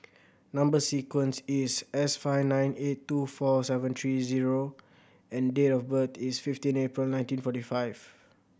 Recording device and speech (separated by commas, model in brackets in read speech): boundary microphone (BM630), read sentence